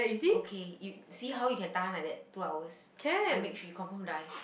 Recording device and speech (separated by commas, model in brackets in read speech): boundary microphone, conversation in the same room